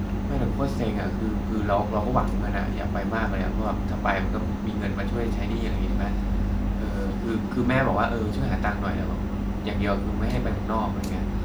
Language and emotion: Thai, frustrated